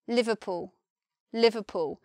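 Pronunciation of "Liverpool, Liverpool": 'Liverpool' is said in a southern English pronunciation, and the vowel in 'pool' is shortened: it is the same vowel, but not so long sounding.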